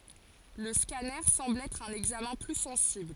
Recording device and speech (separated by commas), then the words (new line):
forehead accelerometer, read sentence
Le scanner semble être un examen plus sensible.